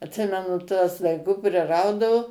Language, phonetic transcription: Lithuanian, atˈsimenu tuos daiˈgu priˈraudavu

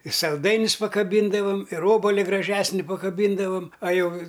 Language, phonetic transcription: Lithuanian, i salˈdainius pakaˈbyndavam ir ˈobali graˈžesni pakaˈbyndavam a ˈjau

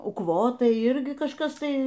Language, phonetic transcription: Lithuanian, ukˈvotai ˈirgi kažˈkas ˈtai

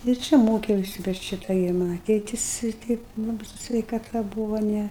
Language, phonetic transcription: Lithuanian, ir ˈčia ˈmokiausi bet ˈšita gi ˈmana ˈtėtis ir ˈteip ˈlabɨi su sveikaˈta ˈbūvo ˈne

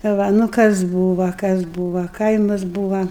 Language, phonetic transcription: Lithuanian, ˈva nu ˈkas ˈbūva kas ˈbūva ˈkaimas ˈbūva

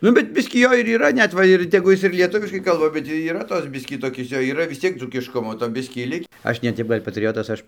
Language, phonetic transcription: Lithuanian, ˈnu bet ˈbiskį ˈjo ir yˈra ˈnet ˈva ir teˈgu ˈjis ir lieˈtuviškai ˈkalba bet yˈra ˈtos ˈbiskį toˈkis ˈjo yˈra vis ˈciek dzūkišˈkumo to ˈbiskį ˈlik' ˈaš ne ˈtep ˈgal' patˈrijotas ˈaš

